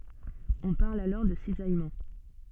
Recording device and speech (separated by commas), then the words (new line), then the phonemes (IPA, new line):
soft in-ear microphone, read sentence
On parle alors de cisaillement.
ɔ̃ paʁl alɔʁ də sizajmɑ̃